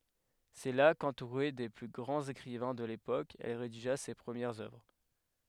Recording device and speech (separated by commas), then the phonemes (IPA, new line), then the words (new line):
headset microphone, read sentence
sɛ la kɑ̃tuʁe de ply ɡʁɑ̃z ekʁivɛ̃ də lepok ɛl ʁediʒa se pʁəmjɛʁz œvʁ
C’est là, qu’entourée des plus grands écrivains de l’époque, elle rédigea ses premières œuvres.